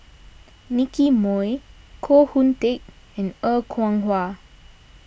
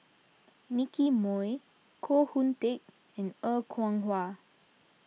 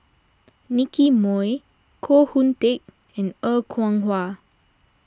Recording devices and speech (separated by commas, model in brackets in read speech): boundary microphone (BM630), mobile phone (iPhone 6), standing microphone (AKG C214), read sentence